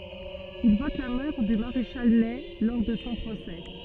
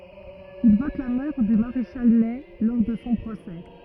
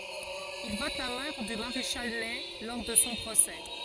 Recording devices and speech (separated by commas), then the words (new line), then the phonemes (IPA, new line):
soft in-ear microphone, rigid in-ear microphone, forehead accelerometer, read sentence
Il vote la mort du maréchal Ney lors de son procès.
il vɔt la mɔʁ dy maʁeʃal nɛ lɔʁ də sɔ̃ pʁosɛ